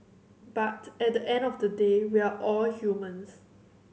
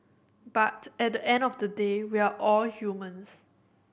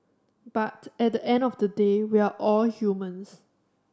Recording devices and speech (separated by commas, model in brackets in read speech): mobile phone (Samsung C7100), boundary microphone (BM630), standing microphone (AKG C214), read sentence